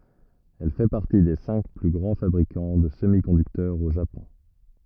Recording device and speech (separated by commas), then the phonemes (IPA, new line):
rigid in-ear microphone, read sentence
ɛl fɛ paʁti de sɛ̃k ply ɡʁɑ̃ fabʁikɑ̃ də səmikɔ̃dyktœʁz o ʒapɔ̃